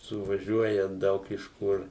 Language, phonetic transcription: Lithuanian, suvaˈžiuoja ˈdaug iš ˈkur

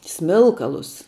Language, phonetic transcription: Lithuanian, ˈsmilkalus

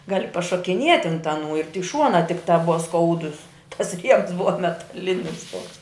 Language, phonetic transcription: Lithuanian, ˈgali pašokiˈniet' ant aˈnų ir tik ˈšuonā ˈtikˌta ˈbuva ˈskaudus tas ˈriems ˈbuva metaˈlinis ˈtuoks

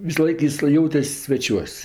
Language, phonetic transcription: Lithuanian, visaˈlaik ˈjis ˈjautes' sveˈčiuos'

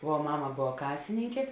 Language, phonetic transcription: Lithuanian, vuo ˈmama ˈbova ˈkasininkė

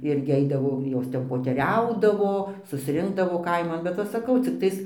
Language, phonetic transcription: Lithuanian, ˈirgi ˈeidavo ˈjos ˈten poteˈriaudavo susˈrinkdavo ˈkaiman bet ˈva saˈkau cikˈtais

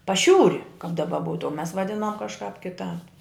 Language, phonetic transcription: Lithuanian, paˈšiūri kap daˈba ˈbūtu o mes vaˈdinom kažˈkāp kiˈtāp

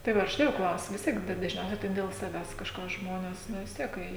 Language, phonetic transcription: Lithuanian, tai ˈva užˈtai jau ˈklausiu vis ˈtiek da dažˈniausiai tai del saˈvęs kažˈką žˈmones ˈnu vis ˈtiek ˈkai

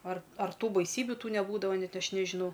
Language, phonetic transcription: Lithuanian, ar ar ˈtų baiˈsybiu ˈtų neˈbūdava ˈnet ˈaš nežiˈnau

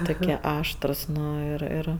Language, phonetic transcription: Lithuanian, ˈtukie ˈaštrus ˈnu ˈir ˈir

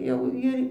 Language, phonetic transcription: Lithuanian, ˈjau ir

